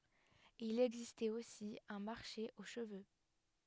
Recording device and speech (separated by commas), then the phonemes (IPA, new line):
headset microphone, read sentence
il ɛɡzistɛt osi œ̃ maʁʃe o ʃəvø